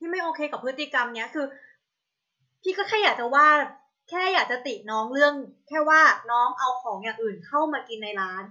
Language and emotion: Thai, frustrated